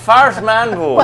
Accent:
scottish accent